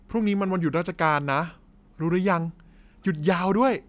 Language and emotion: Thai, happy